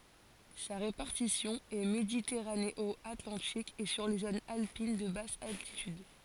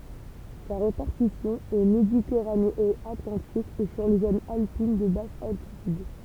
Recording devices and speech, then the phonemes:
forehead accelerometer, temple vibration pickup, read sentence
sa ʁepaʁtisjɔ̃ ɛ meditɛʁaneɔatlɑ̃tik e syʁ le zonz alpin də bas altityd

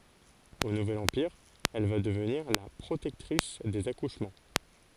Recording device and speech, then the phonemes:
forehead accelerometer, read sentence
o nuvɛl ɑ̃piʁ ɛl va dəvniʁ la pʁotɛktʁis dez akuʃmɑ̃

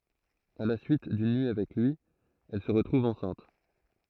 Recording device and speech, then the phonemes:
throat microphone, read sentence
a la syit dyn nyi avɛk lyi ɛl sə ʁətʁuv ɑ̃sɛ̃t

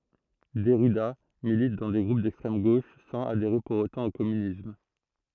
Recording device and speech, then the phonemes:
throat microphone, read sentence
dɛʁida milit dɑ̃ de ɡʁup dɛkstʁɛm ɡoʃ sɑ̃z adeʁe puʁ otɑ̃ o kɔmynism

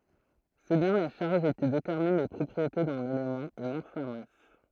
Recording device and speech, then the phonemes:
throat microphone, read sentence
sɛ bjɛ̃ la ʃaʁʒ ki detɛʁmin le pʁɔpʁiete dœ̃n elemɑ̃ e nɔ̃ sa mas

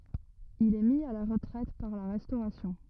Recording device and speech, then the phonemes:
rigid in-ear microphone, read sentence
il ɛ mi a la ʁətʁɛt paʁ la ʁɛstoʁasjɔ̃

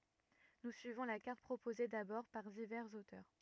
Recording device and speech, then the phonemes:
rigid in-ear microphone, read sentence
nu syivɔ̃ la kaʁt pʁopoze dabɔʁ paʁ divɛʁz otœʁ

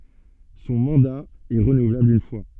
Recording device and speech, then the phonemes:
soft in-ear microphone, read sentence
sɔ̃ mɑ̃da ɛ ʁənuvlabl yn fwa

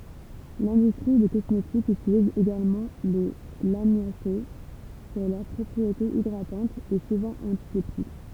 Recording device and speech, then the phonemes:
temple vibration pickup, read sentence
lɛ̃dystʁi de kɔsmetikz ytiliz eɡalmɑ̃ le lamjase puʁ lœʁ pʁɔpʁietez idʁatɑ̃tz e suvɑ̃ ɑ̃tisɛptik

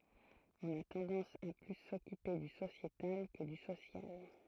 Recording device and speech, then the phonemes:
throat microphone, read sentence
ɔ̃n a tɑ̃dɑ̃s a ply sɔkype dy sosjetal kə dy sosjal

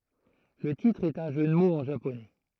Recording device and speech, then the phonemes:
throat microphone, read sentence
lə titʁ ɛt œ̃ ʒø də moz ɑ̃ ʒaponɛ

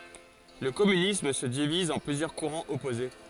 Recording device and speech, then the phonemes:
forehead accelerometer, read sentence
lə kɔmynism sə diviz ɑ̃ plyzjœʁ kuʁɑ̃z ɔpoze

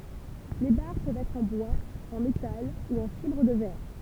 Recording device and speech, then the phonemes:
temple vibration pickup, read sentence
le baʁ pøvt ɛtʁ ɑ̃ bwaz ɑ̃ metal u ɑ̃ fibʁ də vɛʁ

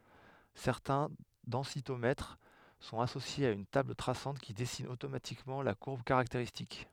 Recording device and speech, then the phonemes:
headset microphone, read sentence
sɛʁtɛ̃ dɑ̃sitomɛtʁ sɔ̃t asosjez a yn tabl tʁasɑ̃t ki dɛsin otomatikmɑ̃ la kuʁb kaʁakteʁistik

